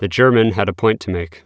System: none